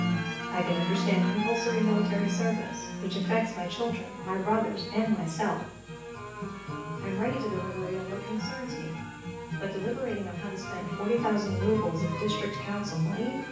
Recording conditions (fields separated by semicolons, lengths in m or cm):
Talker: one person; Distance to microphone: 9.8 m; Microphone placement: far; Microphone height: 1.8 m; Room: large; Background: music